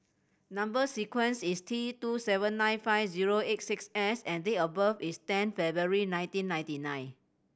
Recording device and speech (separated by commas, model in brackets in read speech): boundary microphone (BM630), read sentence